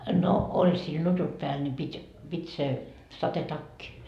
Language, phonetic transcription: Finnish, no , 'oĺ sil 'nutut pääl ńi 'pit́ , 'pit́ se , "satetakki .
- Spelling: no oli sillä nutut päällä niin piti piti se sadetakki

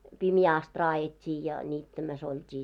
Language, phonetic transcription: Finnish, 'pimjää ast 'raajet́t́ii ja 'niittämäs ‿olt́i .
- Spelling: pimeään asti raadettiin ja niittämässä oltiin

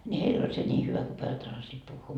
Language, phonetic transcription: Finnish, ńi "heil ‿oĺ se 'ńii hyvä ku 'pojat osasiit 'puhhuu .
- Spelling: niin heillä oli se niin hyvä kun pojat osasivat puhua

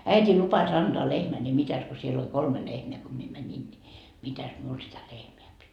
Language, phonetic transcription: Finnish, 'äit́ii 'lupas ‿anDoa 'lehmä ni 'mitäs ko siel ‿oĺ "kolme 'lehmeä ko mie 'mäńin ni , "mitäs miul sitä 'lehmeä pit́ .
- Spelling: äiti lupasi antaa lehmän niin mitäs kun siellä oli kolme lehmää kun minä menin niin mitäs minulle sitä lehmää piti

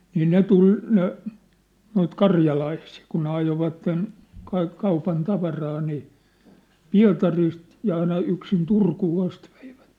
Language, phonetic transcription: Finnish, nii 'ne tul , ne , noit 'karja'laisii , kun ne ajovatten , 'kaik 'kaupan 'tavaraa nii , "Pia̭tarist , ja 'aina 'yksin "Turkuu 'ast ᴠᴇɪᴠᴀ̈t .
- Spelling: niin ne tuli ne noita karjalaisia kun ne ajoivat kaikki kaupan tavaraa niin Pietarista ja aina yksin Turkuun asti veivät

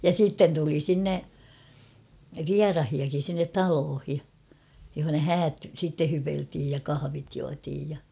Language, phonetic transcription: Finnish, ja 'sitten tuli 'sinne , "viarahia-kin̬ sinnet "taloohi , johona "häät sitte 'hypeltiij ja 'kahavit juatiij ja .
- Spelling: ja sitten tuli sinne vieraitakin sinne taloon jossa häät sitten hypeltiin ja kahvit juotiin ja

